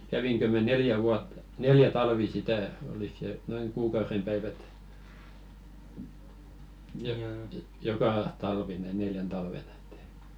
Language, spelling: Finnish, kävinkö minä neljä vuotta neljä talvea sitä oliko se noin kuukauden päivät - joka talvi - neljänä talvena että ei
- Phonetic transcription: 'käviŋkö mä "neljä vuattᴀ , 'neljä 'talvi "sitä , 'olik se 'noiŋ "kuukaurem päivät , jo- "joka 'talvi ne- 'neljän taiven ‿ᴇt ‿tᴇɪ .

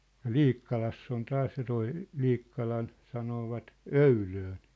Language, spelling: Finnish, ja Liikkalassa on taas ja tuo Liikkalan sanoivat öylöön
- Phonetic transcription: ja̭ "Liikkalass ‿on 'taas ja toi , 'Liikkalan , 'sanoovat , » "öylöön̬ . «

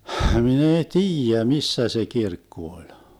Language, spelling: Finnish, minä ei tiedä missä se kirkko oli
- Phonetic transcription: 'hmin ‿ei "tiijä 'missä se 'kirkku oĺ .

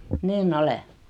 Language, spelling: Finnish, niin olen
- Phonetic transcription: niin"n ‿ole .

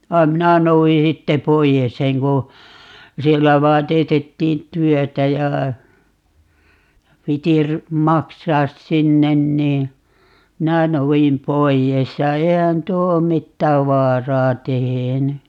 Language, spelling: Finnish, vaan minä noudin sitten pois sen kun siellä vain teetettiin työtä ja piti - maksaa sinne niin minä noudin pois ja eihän tuo ole mitään vaaraa tehnyt
- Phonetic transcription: 'vai̮m "minä 'nouji 'sitte "poijes 'seŋ ku , 'siellä 'vaan 'teetettiin "työtä ja , 'piti ry- , 'maksaas 'sinnen nii , "minä 'nou₍im 'poi₍es ja 'eihän 'tuo om "mittääv 'vaaraa 'teheny .

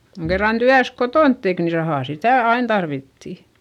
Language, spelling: Finnish, kun kerran työnsä kotona teki niin rahaa sitä aina tarvittiin
- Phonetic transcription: koŋ kerran tyäs kotònt tek ni rahà sitä̀ ain tarvitti .

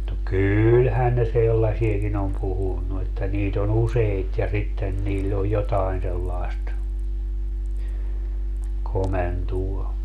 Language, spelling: Finnish, no kyllähän ne sellaisiakin on puhunut että niitä on useita ja sitten niillä on jotakin sellaista komentoa
- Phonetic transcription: no "kyyylhän ne 'sellasieki'n ‿om 'puhunnu että 'niit ‿o"n ‿useit ja 'sitten 'niill ‿oj 'jotaen sellaest , 'komentuo .

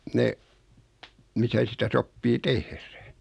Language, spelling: Finnish, ne missä sitä sopii tehdä
- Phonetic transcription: 'ne , 'misä sitä 'soppii "tehrä .

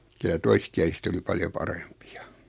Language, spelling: Finnish, kyllä toiskieliset oli paljon parempia
- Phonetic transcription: kylä 'toiskiäliset oli 'paljo "parempɪᴀ .

